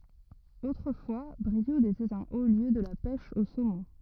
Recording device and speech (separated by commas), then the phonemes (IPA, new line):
rigid in-ear microphone, read sentence
otʁəfwa bʁiud etɛt œ̃ o ljø də la pɛʃ o somɔ̃